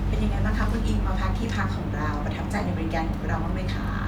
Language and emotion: Thai, happy